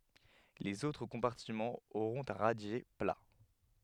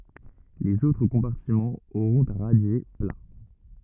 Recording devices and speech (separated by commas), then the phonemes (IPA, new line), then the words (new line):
headset microphone, rigid in-ear microphone, read sentence
lez otʁ kɔ̃paʁtimɑ̃z oʁɔ̃t œ̃ ʁadje pla
Les autres compartiments auront un radier plat.